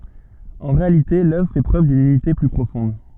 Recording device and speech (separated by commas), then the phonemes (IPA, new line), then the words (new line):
soft in-ear microphone, read sentence
ɑ̃ ʁealite lœvʁ fɛ pʁøv dyn ynite ply pʁofɔ̃d
En réalité l'œuvre fait preuve d'une unité plus profonde.